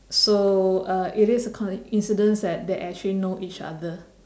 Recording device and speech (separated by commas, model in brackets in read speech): standing microphone, conversation in separate rooms